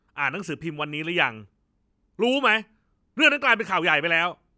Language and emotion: Thai, angry